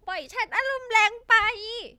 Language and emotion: Thai, angry